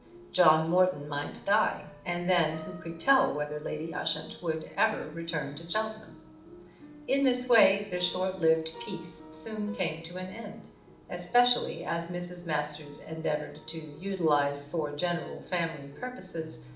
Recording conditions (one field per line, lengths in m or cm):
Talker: one person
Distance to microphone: 2.0 m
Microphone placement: close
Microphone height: 99 cm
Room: medium-sized (5.7 m by 4.0 m)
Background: music